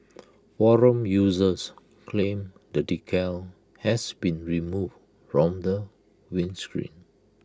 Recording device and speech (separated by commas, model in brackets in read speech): close-talking microphone (WH20), read sentence